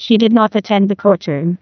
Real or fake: fake